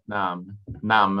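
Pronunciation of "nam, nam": The word 'name' is said in an older way, with a long A vowel instead of a diphthong.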